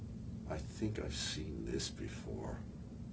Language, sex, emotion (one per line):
English
male
neutral